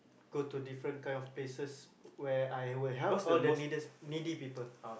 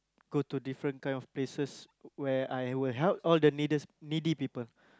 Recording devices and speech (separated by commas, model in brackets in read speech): boundary microphone, close-talking microphone, conversation in the same room